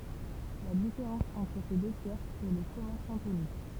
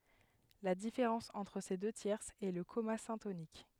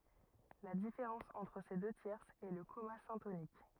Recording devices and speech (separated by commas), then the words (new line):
temple vibration pickup, headset microphone, rigid in-ear microphone, read sentence
La différence entre ces deux tierces est le comma syntonique.